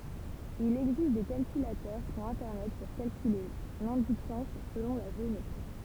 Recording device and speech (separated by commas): temple vibration pickup, read sentence